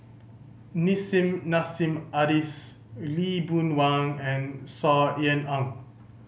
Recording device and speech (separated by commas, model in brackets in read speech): mobile phone (Samsung C5010), read sentence